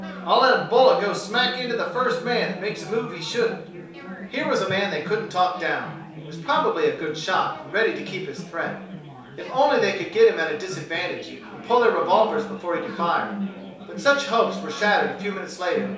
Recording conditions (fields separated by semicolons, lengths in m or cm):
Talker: one person; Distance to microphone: 3.0 m; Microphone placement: far; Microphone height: 1.8 m; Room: small (3.7 m by 2.7 m); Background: babble